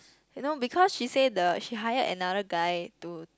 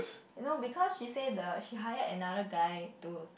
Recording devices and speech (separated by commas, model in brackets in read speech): close-talking microphone, boundary microphone, conversation in the same room